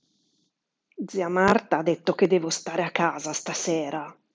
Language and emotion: Italian, angry